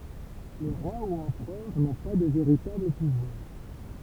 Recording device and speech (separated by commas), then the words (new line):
temple vibration pickup, read sentence
Les rois ou empereurs n’ont pas de véritable pouvoir.